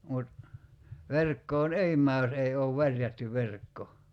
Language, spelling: Finnish, mutta verkkoon ei mene jos ei ole värjätty verkko
- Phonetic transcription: mut , 'verkkoon "ei m̀ää jos 'ei oov "värjätty 'verkko .

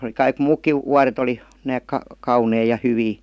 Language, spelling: Finnish, oli kaikki muutkin vuodet oli nääs - kauniita ja hyviä
- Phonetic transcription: oli 'kaik "muukkiv , 'wuaret ‿oli , 'nääk ka- , 'kaunei ja 'hyvii .

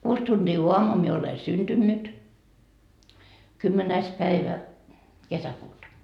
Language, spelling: Finnish, kuusi tuntia aamua minä olen syntynyt kymmenes päivä kesäkuuta
- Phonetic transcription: 'kuus tunDii "uamuu mie ole 'synDynnyt , kymmenäis päivä , 'kesäkuuta .

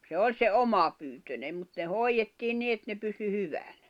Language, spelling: Finnish, se oli se omapyyntinen mutta ne hoidettiin niin että ne pysyi hyvänä
- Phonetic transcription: se "oĺ se "omapyytönem mut ne "hoiʲettiin 'ni et ne pysy 'hyväɴᴀ̈ .

